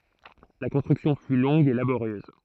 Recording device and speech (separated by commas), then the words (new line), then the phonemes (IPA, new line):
throat microphone, read sentence
La construction fut longue et laborieuse.
la kɔ̃stʁyksjɔ̃ fy lɔ̃ɡ e laboʁjøz